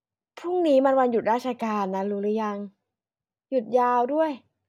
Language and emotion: Thai, neutral